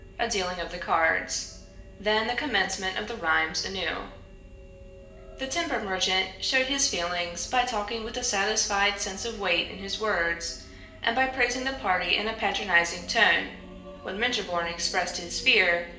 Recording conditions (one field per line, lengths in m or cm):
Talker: one person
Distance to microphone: 1.8 m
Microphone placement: close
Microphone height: 1.0 m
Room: large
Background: music